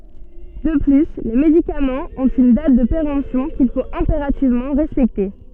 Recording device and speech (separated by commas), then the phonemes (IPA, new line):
soft in-ear microphone, read sentence
də ply le medikamɑ̃z ɔ̃t yn dat də peʁɑ̃psjɔ̃ kil fot ɛ̃peʁativmɑ̃ ʁɛspɛkte